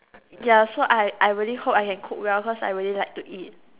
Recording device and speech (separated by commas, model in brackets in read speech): telephone, conversation in separate rooms